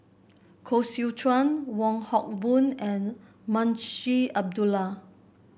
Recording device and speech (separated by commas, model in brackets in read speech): boundary microphone (BM630), read sentence